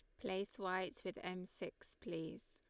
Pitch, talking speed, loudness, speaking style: 185 Hz, 155 wpm, -46 LUFS, Lombard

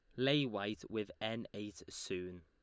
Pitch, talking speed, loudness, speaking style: 105 Hz, 160 wpm, -40 LUFS, Lombard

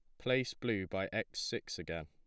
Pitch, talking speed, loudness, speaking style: 100 Hz, 195 wpm, -38 LUFS, plain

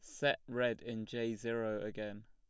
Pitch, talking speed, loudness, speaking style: 110 Hz, 175 wpm, -38 LUFS, plain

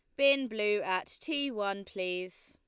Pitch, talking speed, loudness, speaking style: 205 Hz, 160 wpm, -31 LUFS, Lombard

